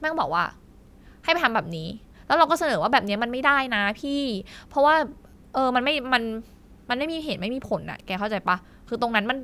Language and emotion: Thai, frustrated